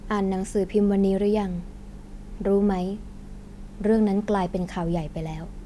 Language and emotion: Thai, frustrated